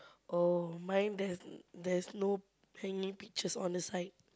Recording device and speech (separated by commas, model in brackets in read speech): close-talking microphone, conversation in the same room